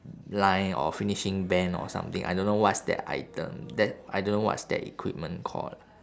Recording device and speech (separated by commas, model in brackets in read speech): standing microphone, conversation in separate rooms